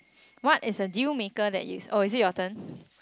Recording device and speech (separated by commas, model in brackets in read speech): close-talking microphone, conversation in the same room